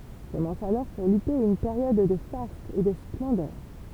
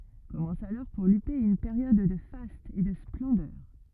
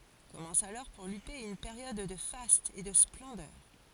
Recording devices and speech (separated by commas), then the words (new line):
temple vibration pickup, rigid in-ear microphone, forehead accelerometer, read sentence
Commence alors pour Lupé une période de fastes et de splendeur.